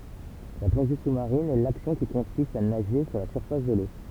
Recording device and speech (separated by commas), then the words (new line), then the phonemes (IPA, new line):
temple vibration pickup, read sentence
La plongée sous-marine est l'action qui consiste à nager sous la surface de l'eau.
la plɔ̃ʒe susmaʁin ɛ laksjɔ̃ ki kɔ̃sist a naʒe su la syʁfas də lo